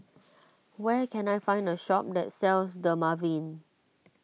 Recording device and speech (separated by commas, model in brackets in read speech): mobile phone (iPhone 6), read sentence